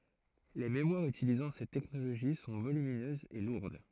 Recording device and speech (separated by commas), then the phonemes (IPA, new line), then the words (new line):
throat microphone, read sentence
le memwaʁz ytilizɑ̃ sɛt tɛknoloʒi sɔ̃ volyminøzz e luʁd
Les mémoires utilisant cette technologie sont volumineuses et lourdes.